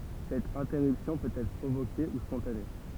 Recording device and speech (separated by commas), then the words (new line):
temple vibration pickup, read sentence
Cette interruption peut être provoquée ou spontanée.